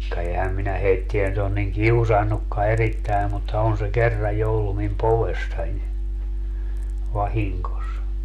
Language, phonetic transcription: Finnish, ka 'ehäm minä 'heitti₍ä nyt ‿on niŋ "kiusannukka 'erittäi̮ mutta 'on se "kerraj jo 'ollu mim "povessań , 'vahiŋkos .
- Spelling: ka enhän minä heitä nyt ole niin kiusannutkaan erittäin mutta on se kerran jo ollut minun povessani vahingossa

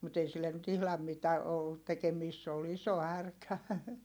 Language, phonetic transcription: Finnish, mut ‿ei sillen nyt ‿ihlam mitä , ollut tekemiist se ol iso härkä .
- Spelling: mutta ei sille nyt ihan mitä ollut tekemistä se oli iso härkä

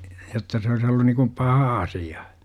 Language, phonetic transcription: Finnish, 'jotta se ois ollun nikum "paha 'asija .
- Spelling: jotta se olisi ollut niin kuin paha asia

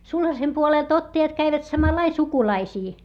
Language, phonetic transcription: Finnish, sulhasem puolèlt ‿ottajat käivät samalai sukulaisii .
- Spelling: sulhasen puolelta ottajat kävivät samalla lailla sukulaisiin

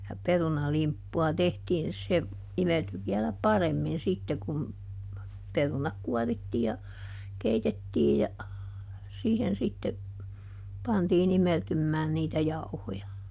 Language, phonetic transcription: Finnish, ja ˈperunalimppu₍a ˈtehtiin - se , ˈimelty viɛlä "paremmin ˈsitte kun , ˈperunak ˈkuɔrittii ja , ˈkeitettiij ja , ˈsiihen sitte , pantiiˈn ‿imeltymmään niitä ˈjauhoja .
- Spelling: ja perunalimppua tehtiin se imeltyi vielä paremmin sitten kun perunat kuorittiin ja keitettiin ja siihen sitten pantiin imeltymään niitä jauhoja

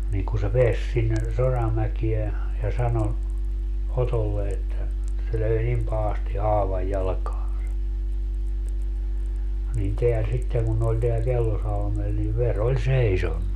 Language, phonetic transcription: Finnish, niiŋ ku se "peäs sinne , "Soramäkie , ja 'sano , 'Otolle että , se 'löi "nim pahasti "haavaj 'jalkaaa̰sa , nin 'teä 'sitteŋ kun ne oĺ teäl 'Kellosalmel ni 'ver ‿oĺ "seisonnu .
- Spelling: niin kun se pääsi sinne Soramäkeen ja sanoi Otolle että se löi niin pahasti haavan jalkaansa niin tämä sitten kun ne oli täällä Kellosalmella niin veri oli seisonut

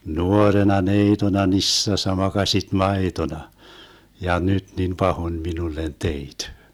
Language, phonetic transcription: Finnish, "nuorena "neitona "nissassa 'makaśit "maetona , 'ja "nyt nin "pahon 'minullen 'teit .
- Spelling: nuorena neitona nisässä makasit maitona ja nyt niin pahoin minulle teit

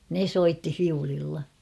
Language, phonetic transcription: Finnish, ne "soitti 'fiulilla .
- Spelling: ne soitti viululla

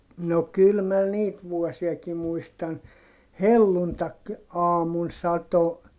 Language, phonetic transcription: Finnish, no kyl mä niit vuɔsiaki muistan , helluntak- , -aamun sato ,.
- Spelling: no kyllä minä niitä vuosiakin muistan - helluntaiaamun satoi

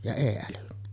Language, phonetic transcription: Finnish, ja 'ei älynny .
- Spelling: ja ei älynnyt

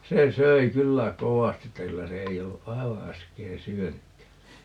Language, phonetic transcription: Finnish, 'se 'söi 'kyllä "kowasti että 'kyllä se 'ei ollu "ʼai̮va 'äskeè "syönykkä .
- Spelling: se söi kyllä kovasti että kyllä se ei ollut aivan äsken syönytkään

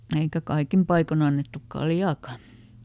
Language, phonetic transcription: Finnish, ˈeikä "kaikim paikoˈn ‿annettuk "kaljaaka .
- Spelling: eikä kaikin paikoin annettu kaljaakaan

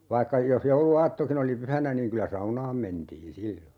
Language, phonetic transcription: Finnish, 'vaikka , jos 'joulu₍"aattokin ‿oli 'pyhänä niiŋ 'kylä "saunaam 'mentiin̬ 'sillo .
- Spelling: vaikka jos jouluaattokin oli pyhänä niin kyllä saunaan mentiin silloin

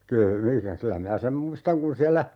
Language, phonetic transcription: Finnish, 'kyy - 'mikä , 'kylä minä "sem 'muistaŋ kun 'siällä ,.
- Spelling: - mikä kyllä minä sen muistan kun siellä

